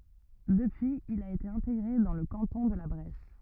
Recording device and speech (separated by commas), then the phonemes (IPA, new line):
rigid in-ear microphone, read sentence
dəpyiz il a ete ɛ̃teɡʁe dɑ̃ lə kɑ̃tɔ̃ də la bʁɛs